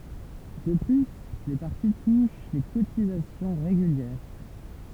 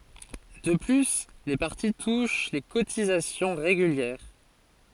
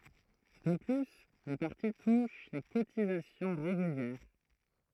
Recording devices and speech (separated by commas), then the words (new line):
temple vibration pickup, forehead accelerometer, throat microphone, read sentence
De plus, les partis touchent les cotisations régulières.